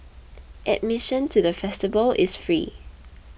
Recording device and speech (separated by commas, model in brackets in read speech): boundary microphone (BM630), read sentence